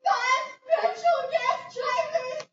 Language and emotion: English, fearful